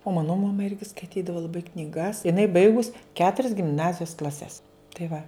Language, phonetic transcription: Lithuanian, o ˈmano maˈma ˈirgi skaiˈtydava laˈbai kniˈgas iˈnai ˈbaigus ˈketurias gimˈnazijos klaˈses tai ˈva

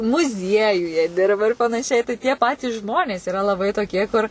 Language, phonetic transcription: Lithuanian, muˈziejuje ˈdirba ir panaˈšiai tai tie ˈpatys ˈžmonės yˈra laˈbai toˈkie kur

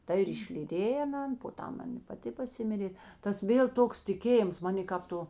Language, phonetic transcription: Lithuanian, ˈta ir išlyˈdėj aˈnan po ˈtam ˈan i paˈti paˈsimirė ˈtas ˈvėl ˈtoks tiˈkėjims ˈmanė kap ˈto

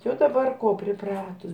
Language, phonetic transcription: Lithuanian, ˈjau daˈbar ˈko priˈpratus

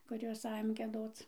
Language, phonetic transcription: Lithuanian, kuˈrios ˈajom gieˈdoc

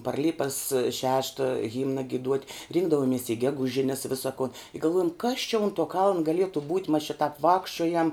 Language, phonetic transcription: Lithuanian, par ˈlipas ˈšešta ˈhimna giˈduot' ˈrinkdavomies i ˈgeguˌžines ˈvisa kon i galˈvuojam kas čia un tuo kaln gaˈlietu būt' mas či tap ˈvākščiojam

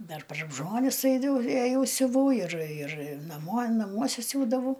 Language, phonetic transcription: Lithuanian, ˈdar par ˈžmonis ˈaidav ėˈjau siuˈvau ir ir naˈmuo naˈmuose ˈsiūdavau

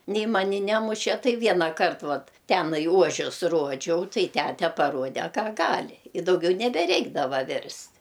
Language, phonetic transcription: Lithuanian, ˈnei ˈmani ˈnemuše ˈtai ˈvienąkart ˈvat ˈtenai ˈuožius ˈruodžiau ˈtai ˈtæte paˈruode ˈka ˈgali i dauˈgiau nebeˈreikdava ˈvirst'

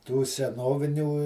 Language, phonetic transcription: Lithuanian, tų seˈnovinių

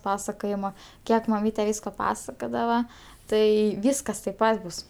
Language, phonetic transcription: Lithuanian, ˈpasakojima ˈkiek maˈmyte ˈvysko ˈpasakodava ˈtai ˈvyskas taip ˈpat bus

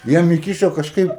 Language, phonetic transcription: Lithuanian, ˈjiem iˈkyšo kažˈkaip

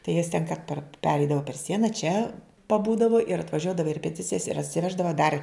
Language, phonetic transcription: Lithuanian, tai jas ten ka par ˈpereidava per ˈsiena čia paˈbūdavo ir atvaˈžiuodava i repeˈticijas ir atsiˈveždava dar

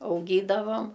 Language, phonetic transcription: Lithuanian, auˈgydavam

